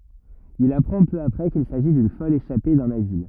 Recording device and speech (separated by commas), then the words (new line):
rigid in-ear microphone, read sentence
Il apprend peu après qu'il s'agit d'une folle échappée d'un asile.